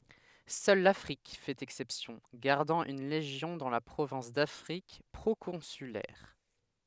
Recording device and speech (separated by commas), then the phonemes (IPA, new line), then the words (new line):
headset microphone, read sentence
sœl lafʁik fɛt ɛksɛpsjɔ̃ ɡaʁdɑ̃ yn leʒjɔ̃ dɑ̃ la pʁovɛ̃s dafʁik pʁokɔ̃sylɛʁ
Seule l'Afrique fait exception, gardant une légion dans la province d'Afrique proconsulaire.